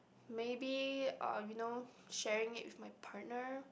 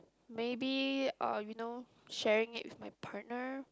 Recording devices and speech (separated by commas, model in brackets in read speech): boundary microphone, close-talking microphone, conversation in the same room